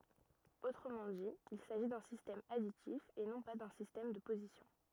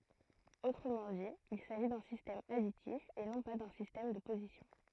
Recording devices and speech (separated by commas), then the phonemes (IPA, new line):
rigid in-ear microphone, throat microphone, read sentence
otʁəmɑ̃ di il saʒi dœ̃ sistɛm aditif e nɔ̃ pa dœ̃ sistɛm də pozisjɔ̃